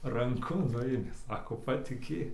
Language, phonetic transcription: Lithuanian, ranˈku ˈnuėmė ˈsako patiˈkėk

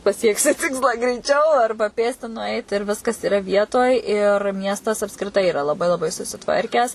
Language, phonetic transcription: Lithuanian, paˈsieksi ˈtikslą greiˈčiau ˈarba ˈpėsti nuˈait ir ˈviskas iˈra ˈvietoj ir ˈmiestas apskriˈtai iˈra laˈbai laˈbai susiˈtvarkęs

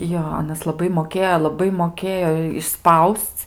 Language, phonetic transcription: Lithuanian, ˈjo ˈanas laˈbai moˈkėjo laˈbai moˈkėjo išˈspausc

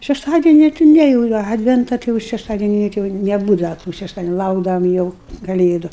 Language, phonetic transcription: Lithuanian, šešˈtadeni ti ˈne jau ˈadventa ˈti jau šešˈtadeni jau ˈti jau neˈbūdava tų šešˈtadeniu ˈlaukdavam jau kaˈlėdu

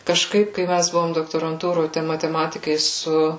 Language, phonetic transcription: Lithuanian, kažˈkaip kai ˈmæs ˈbuvom doktoranˈtūroj tai mateˈmatikai ˈsu

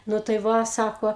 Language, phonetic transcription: Lithuanian, ˈnu tai ˈva ˈsako

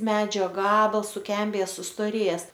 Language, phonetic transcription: Lithuanian, ˈmedžio ˈgabals suˈkembėje sustoˈrėjes

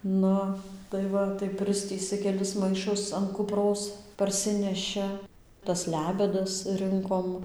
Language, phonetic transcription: Lithuanian, ˈnu tai ˈva tai ˈpristįsɨ keˈlis maiˈšus an kuˈpros parˈsineši tas ˈlebedas ˈrɨnkom

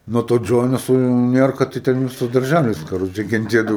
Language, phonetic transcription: Lithuanian, nuo to ˈdžonio su ˈnierka tai ˈten ˈvisas darˈžælis kaˈroče kenˈtėdavo

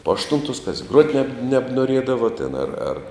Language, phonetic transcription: Lithuanian, po ašˈtuntos kas gruot' neb nebnuoˈriedavo tėn ar ar

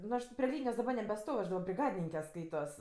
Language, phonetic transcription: Lithuanian, nu ˈaš ti pri ˈlynijos daˈba nebeˈstov' aš daˈba briˈgadininke ˈskaitos

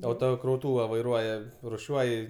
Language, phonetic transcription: Lithuanian, autokrauˈtūva vaiˈruoja ruˈšiuoj

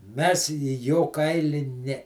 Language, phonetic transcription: Lithuanian, ˈmes į ˈjo ˈkaili ˈne

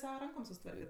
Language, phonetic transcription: Lithuanian, ˈsava ˈrankom susiˈtvarket

